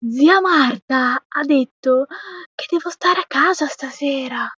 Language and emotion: Italian, surprised